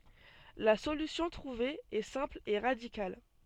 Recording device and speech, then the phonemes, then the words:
soft in-ear microphone, read sentence
la solysjɔ̃ tʁuve ɛ sɛ̃pl e ʁadikal
La solution trouvée est simple et radicale.

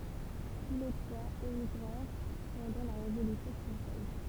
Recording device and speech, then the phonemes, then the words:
temple vibration pickup, read sentence
tu le tʁwaz emiɡʁɛʁ pɑ̃dɑ̃ la ʁevolysjɔ̃ fʁɑ̃sɛz
Tous les trois émigrèrent pendant la Révolution française.

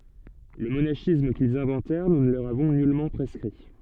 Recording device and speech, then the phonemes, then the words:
soft in-ear microphone, read sentence
lə monaʃism kilz ɛ̃vɑ̃tɛʁ nu nə lə løʁ avɔ̃ nylmɑ̃ pʁɛskʁi
Le monachisme qu’ils inventèrent, Nous ne le leur avons nullement prescrit.

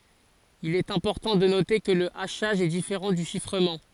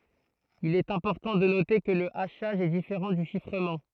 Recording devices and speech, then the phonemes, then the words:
forehead accelerometer, throat microphone, read sentence
il ɛt ɛ̃pɔʁtɑ̃ də note kə lə aʃaʒ ɛ difeʁɑ̃ dy ʃifʁəmɑ̃
Il est important de noter que le hachage est différent du chiffrement.

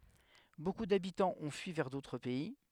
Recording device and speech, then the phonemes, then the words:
headset microphone, read sentence
boku dabitɑ̃z ɔ̃ fyi vɛʁ dotʁ pɛi
Beaucoup d'habitants ont fui vers d'autres pays.

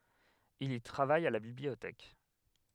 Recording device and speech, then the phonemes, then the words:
headset microphone, read sentence
il i tʁavaj a la bibliotɛk
Il y travaille à la bibliothèque.

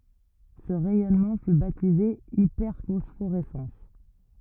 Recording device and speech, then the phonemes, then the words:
rigid in-ear microphone, read sentence
sə ʁɛjɔnmɑ̃ fy batize ipɛʁfɔsfoʁɛsɑ̃s
Ce rayonnement fut baptisé hyperphosphorescence.

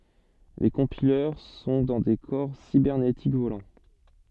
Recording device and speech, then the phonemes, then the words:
soft in-ear microphone, read sentence
le kɔ̃pilœʁ sɔ̃ dɑ̃ de kɔʁ sibɛʁnetik volɑ̃
Les Compileurs sont dans des corps cybernétiques volants.

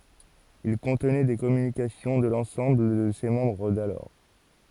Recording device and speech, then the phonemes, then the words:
forehead accelerometer, read sentence
il kɔ̃tnɛ de kɔmynikasjɔ̃ də lɑ̃sɑ̃bl də se mɑ̃bʁ dalɔʁ
Il contenait des communications de l’ensemble de ses membres d’alors.

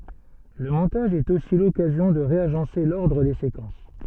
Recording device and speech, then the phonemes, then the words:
soft in-ear microphone, read sentence
lə mɔ̃taʒ ɛt osi lɔkazjɔ̃ də ʁeaʒɑ̃se lɔʁdʁ de sekɑ̃s
Le montage est aussi l'occasion de réagencer l'ordre des séquences.

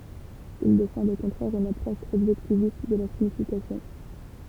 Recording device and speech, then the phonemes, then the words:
temple vibration pickup, read sentence
il defɑ̃dt o kɔ̃tʁɛʁ yn apʁɔʃ ɔbʒɛktivist də la siɲifikasjɔ̃
Ils défendent au contraire une approche objectiviste de la signification.

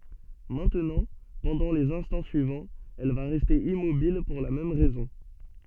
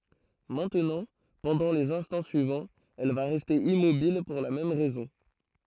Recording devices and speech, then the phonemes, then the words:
soft in-ear microphone, throat microphone, read sentence
mɛ̃tnɑ̃ pɑ̃dɑ̃ lez ɛ̃stɑ̃ syivɑ̃z ɛl va ʁɛste immobil puʁ la mɛm ʁɛzɔ̃
Maintenant, pendant les instants suivants, elle va rester immobile pour la même raison.

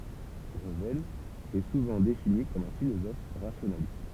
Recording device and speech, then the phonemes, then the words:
temple vibration pickup, read sentence
ʁəvɛl ɛ suvɑ̃ defini kɔm œ̃ filozɔf ʁasjonalist
Revel est souvent défini comme un philosophe rationaliste.

